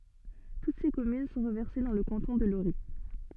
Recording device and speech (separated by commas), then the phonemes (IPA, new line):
soft in-ear microphone, read sentence
tut se kɔmyn sɔ̃ ʁəvɛʁse dɑ̃ lə kɑ̃tɔ̃ də loʁi